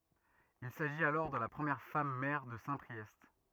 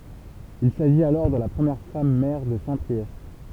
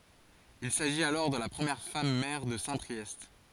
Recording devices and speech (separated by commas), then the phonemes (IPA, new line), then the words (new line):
rigid in-ear microphone, temple vibration pickup, forehead accelerometer, read sentence
il saʒit alɔʁ də la pʁəmjɛʁ fam mɛʁ də sɛ̃pʁiɛst
Il s'agit alors de la première femme maire de Saint-Priest.